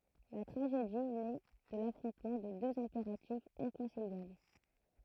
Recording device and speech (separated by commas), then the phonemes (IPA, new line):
throat microphone, read sentence
la tʁaʒedi nɛ də lafʁɔ̃tmɑ̃ də døz ɛ̃peʁatifz ɛ̃kɔ̃siljabl